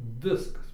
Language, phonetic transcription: Lithuanian, ˈviskas

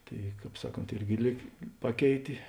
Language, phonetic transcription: Lithuanian, ˈtai ˈkāp ˈsaˌkont ˈirgi ˈlyg ˈpaˌkeitė

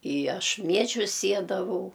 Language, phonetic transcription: Lithuanian, i ˈaš ˈmiežius ˈsiedavau

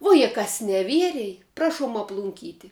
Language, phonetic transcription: Lithuanian, ˈvuo je ˈkas neˈvierej ˈprašuom aplunˈkyti

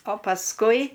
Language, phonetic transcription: Lithuanian, o pasˈkui

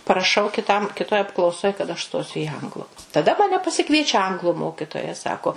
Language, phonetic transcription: Lithuanian, paraˈšau kiˈtam kiˈtoj apklauˈsoj kad aš ˈstosiu į ˈanglu taˈda maˈne pasiˈkviečia ˈanglu ˈmokitoja ˈsako

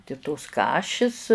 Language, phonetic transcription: Lithuanian, ti tos ˈkašis

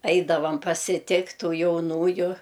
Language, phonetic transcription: Lithuanian, ˈaidavam pasiˈtikt' ˈtų jauˈnųju

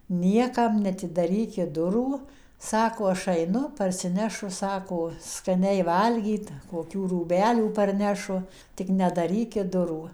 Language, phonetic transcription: Lithuanian, ˈniekam neatidaˈrykit ˈdurų ˈsako aš aiˈnu parsiˈnešu ˈsako skaˈniai ˈvalgyt koˈkių rūˈbelių parˈnešu tik neatdaˈrykit ˈdurų

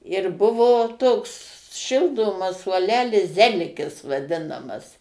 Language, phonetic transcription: Lithuanian, ir ˈbuvo ˈtoks ˈšildomas suoˈlelis ˈzelikis vaˈdinamas

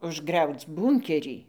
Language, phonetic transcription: Lithuanian, užˈgriauc ˈbūnkerį

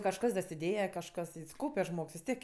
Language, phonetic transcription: Lithuanian, kažˈkas dasiˈdėja kažˈkas is ˈkaupe ˈžmogs vis ˈtiek

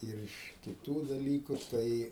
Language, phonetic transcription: Lithuanian, ir ˈiš kiˈtų daˈlyku ˈtai

